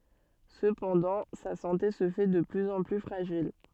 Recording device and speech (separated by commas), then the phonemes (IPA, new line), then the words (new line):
soft in-ear microphone, read sentence
səpɑ̃dɑ̃ sa sɑ̃te sə fɛ də plyz ɑ̃ ply fʁaʒil
Cependant, sa santé se fait de plus en plus fragile.